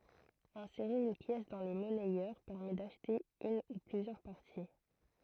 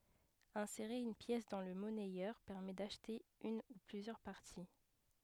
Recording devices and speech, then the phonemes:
throat microphone, headset microphone, read sentence
ɛ̃seʁe yn pjɛs dɑ̃ lə mɔnɛjœʁ pɛʁmɛ daʃte yn u plyzjœʁ paʁti

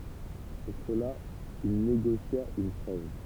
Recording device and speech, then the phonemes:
temple vibration pickup, read sentence
puʁ səla il neɡosja yn tʁɛv

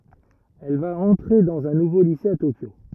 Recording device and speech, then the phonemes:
rigid in-ear microphone, read sentence
ɛl va ɑ̃tʁe dɑ̃z œ̃ nuvo lise a tokjo

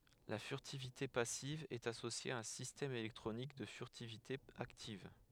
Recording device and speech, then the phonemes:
headset microphone, read sentence
la fyʁtivite pasiv ɛt asosje a œ̃ sistɛm elɛktʁonik də fyʁtivite aktiv

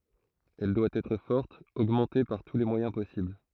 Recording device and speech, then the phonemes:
throat microphone, read sentence
ɛl dwa ɛtʁ fɔʁt oɡmɑ̃te paʁ tu le mwajɛ̃ pɔsibl

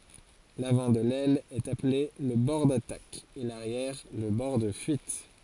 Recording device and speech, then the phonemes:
forehead accelerometer, read sentence
lavɑ̃ də lɛl ɛt aple lə bɔʁ datak e laʁjɛʁ lə bɔʁ də fyit

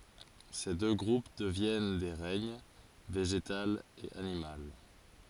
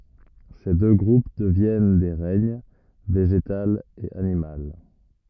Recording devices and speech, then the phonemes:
forehead accelerometer, rigid in-ear microphone, read sentence
se dø ɡʁup dəvjɛn de ʁɛɲ veʒetal e animal

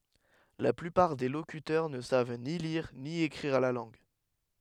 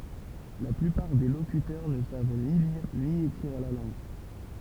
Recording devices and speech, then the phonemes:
headset microphone, temple vibration pickup, read sentence
la plypaʁ de lokytœʁ nə sav ni liʁ ni ekʁiʁ la lɑ̃ɡ

